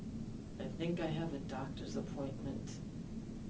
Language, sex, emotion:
English
female
neutral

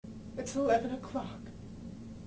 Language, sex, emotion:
English
female
sad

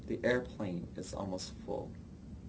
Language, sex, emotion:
English
male
neutral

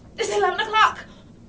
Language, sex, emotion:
English
female
fearful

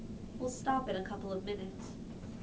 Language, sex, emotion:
English
female
neutral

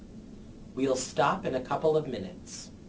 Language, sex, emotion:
English
male
neutral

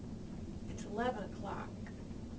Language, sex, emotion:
English
female
neutral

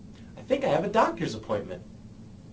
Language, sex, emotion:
English
male
neutral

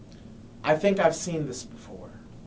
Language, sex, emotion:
English
male
neutral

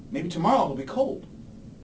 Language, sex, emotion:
English
male
neutral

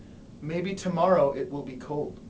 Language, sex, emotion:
English
male
neutral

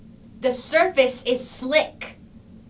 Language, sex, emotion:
English
female
angry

